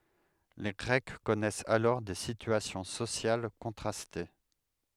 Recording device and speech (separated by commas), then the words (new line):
headset microphone, read sentence
Les Grecs connaissaient alors des situations sociales contrastées.